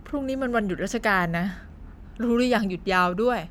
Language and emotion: Thai, frustrated